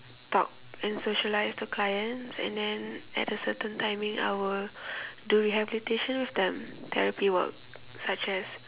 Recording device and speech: telephone, conversation in separate rooms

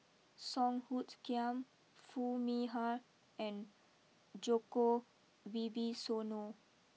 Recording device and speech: mobile phone (iPhone 6), read sentence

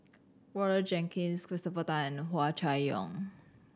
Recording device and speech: standing microphone (AKG C214), read sentence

